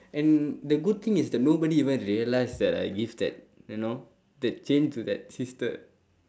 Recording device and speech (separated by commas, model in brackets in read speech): standing microphone, conversation in separate rooms